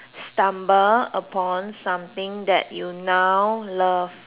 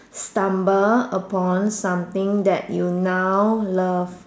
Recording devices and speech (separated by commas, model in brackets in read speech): telephone, standing microphone, conversation in separate rooms